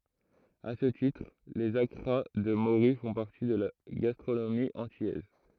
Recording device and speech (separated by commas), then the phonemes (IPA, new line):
throat microphone, read sentence
a sə titʁ lez akʁa də moʁy fɔ̃ paʁti də la ɡastʁonomi ɑ̃tilɛz